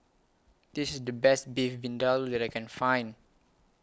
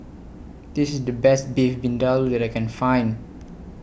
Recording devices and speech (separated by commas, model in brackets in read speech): close-talking microphone (WH20), boundary microphone (BM630), read sentence